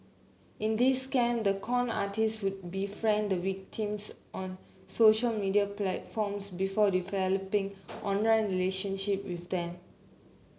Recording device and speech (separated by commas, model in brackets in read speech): mobile phone (Samsung C9), read sentence